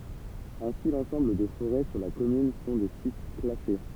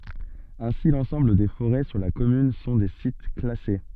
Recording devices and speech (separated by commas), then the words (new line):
temple vibration pickup, soft in-ear microphone, read sentence
Ainsi, l'ensemble des forêts sur la commune sont des sites classés.